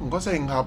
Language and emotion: Thai, frustrated